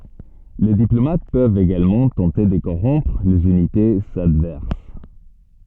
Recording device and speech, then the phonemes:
soft in-ear microphone, read sentence
le diplomat pøvt eɡalmɑ̃ tɑ̃te də koʁɔ̃pʁ lez ynitez advɛʁs

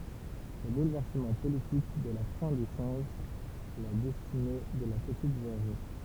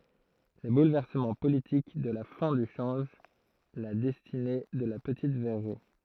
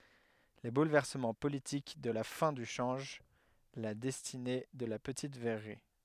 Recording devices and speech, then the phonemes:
temple vibration pickup, throat microphone, headset microphone, read sentence
le bulvɛʁsəmɑ̃ politik də la fɛ̃ dy ʃɑ̃ʒ la dɛstine də la pətit vɛʁʁi

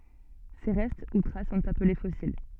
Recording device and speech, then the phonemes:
soft in-ear microphone, read sentence
se ʁɛst u tʁas sɔ̃t aple fɔsil

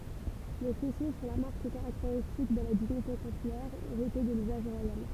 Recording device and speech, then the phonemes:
temple vibration pickup, read sentence
le fɛso sɔ̃ la maʁk kaʁakteʁistik də la diɲite kɔ̃sylɛʁ eʁite də lyzaʒ ʁwajal

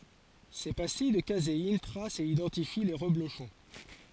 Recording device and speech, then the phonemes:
forehead accelerometer, read sentence
se pastij də kazein tʁast e idɑ̃tifi le ʁəbloʃɔ̃

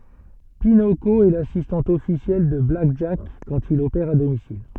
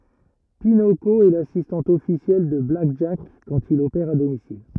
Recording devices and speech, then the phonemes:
soft in-ear microphone, rigid in-ear microphone, read sentence
pinoko ɛ lasistɑ̃t ɔfisjɛl də blak ʒak kɑ̃t il opɛʁ a domisil

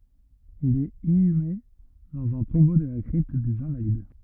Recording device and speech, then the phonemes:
rigid in-ear microphone, read sentence
il ɛt inyme dɑ̃z œ̃ tɔ̃bo də la kʁipt dez ɛ̃valid

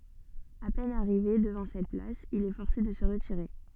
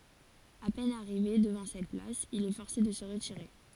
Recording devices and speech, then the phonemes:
soft in-ear microphone, forehead accelerometer, read sentence
a pɛn aʁive dəvɑ̃ sɛt plas il ɛ fɔʁse də sə ʁətiʁe

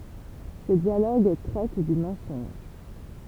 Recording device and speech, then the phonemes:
temple vibration pickup, read sentence
sə djaloɡ tʁɛt dy mɑ̃sɔ̃ʒ

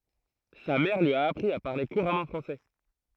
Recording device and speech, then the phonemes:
throat microphone, read sentence
sa mɛʁ lyi a apʁi a paʁle kuʁamɑ̃ fʁɑ̃sɛ

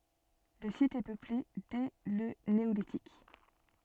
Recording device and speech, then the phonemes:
soft in-ear microphone, read sentence
lə sit ɛ pøple dɛ lə neolitik

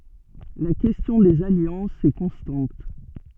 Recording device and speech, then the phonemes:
soft in-ear microphone, read sentence
la kɛstjɔ̃ dez aljɑ̃sz ɛ kɔ̃stɑ̃t

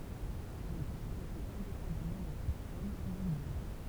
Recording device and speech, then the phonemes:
temple vibration pickup, read sentence
il ɛt ytilize ɛ̃depɑ̃damɑ̃ də la pɛʁsɔn u dy nɔ̃bʁ

